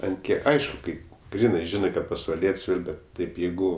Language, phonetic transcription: Lithuanian, ant ˈkiek ˈaišku ˈkai ˈgrynɜ ˈžinɜ kad pasvaˈliet's' ˈyr ˈbet ˈtaip ˈjeigu

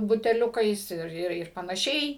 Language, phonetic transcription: Lithuanian, buteˈliukais ˈir ˈir panaˈšiai

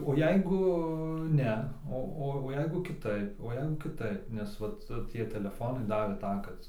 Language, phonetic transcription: Lithuanian, o ˈjeigu ˈne ˈo ˈo o ˈjeigu kiˈtaip o ˈjeigu kiˈtaip nes ˈvat ˈtie teleˈfonai ˈdavė ˈtą kad

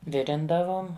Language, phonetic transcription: Lithuanian, ˈvirindavom

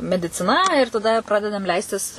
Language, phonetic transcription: Lithuanian, mediciˈna ir taˈda ˈpradedam ˈleistis

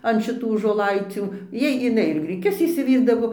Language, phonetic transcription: Lithuanian, an šiˈtų žoˈlaicių ˈjai iˈnai ir griˈkius išsiˈvyrdavo

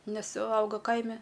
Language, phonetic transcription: Lithuanian, ˈnes ˈauga ˈkaime

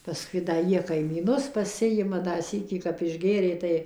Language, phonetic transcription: Lithuanian, paˈskui da ˈjie kaimyˈnus paˈsijima da ˈsykį kap išˈgėrė ˈtai

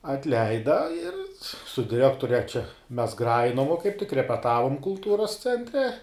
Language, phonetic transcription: Lithuanian, atˈleida ir su diˈrekture čia mes ˈgrajinom vo kaip tik repeˈtavom kulˈtūros cenˈtre

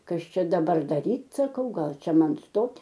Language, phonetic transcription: Lithuanian, ˈkas ˈčia daˈbar daˈryt' saˈkau ˈgal ˈčia ˈman ˈstot'

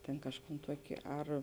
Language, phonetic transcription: Lithuanian, tėn ˈkažˌkūn ˈtuokė ˈar

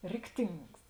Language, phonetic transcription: Lithuanian, ˈrikˌtings

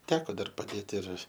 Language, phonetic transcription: Lithuanian, ˈteko ˈdar paˈdėt ir

